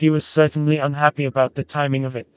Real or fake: fake